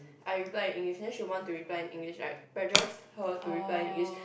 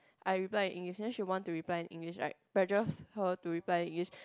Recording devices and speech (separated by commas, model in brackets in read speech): boundary microphone, close-talking microphone, conversation in the same room